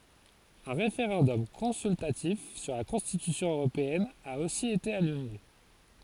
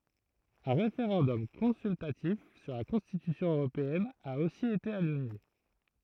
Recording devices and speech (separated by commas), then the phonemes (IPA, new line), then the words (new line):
forehead accelerometer, throat microphone, read sentence
œ̃ ʁefeʁɑ̃dɔm kɔ̃syltatif syʁ la kɔ̃stitysjɔ̃ øʁopeɛn a osi ete anyle
Un référendum consultatif sur la Constitution européenne a aussi été annulé.